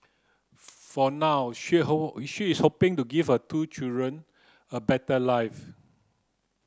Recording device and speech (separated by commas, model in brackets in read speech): close-talking microphone (WH30), read sentence